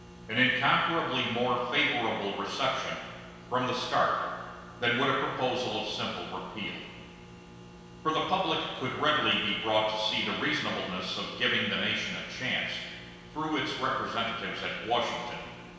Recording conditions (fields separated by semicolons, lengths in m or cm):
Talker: one person; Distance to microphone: 1.7 m; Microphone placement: close; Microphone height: 1.0 m; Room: very reverberant, large; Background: none